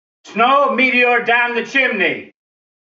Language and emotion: English, disgusted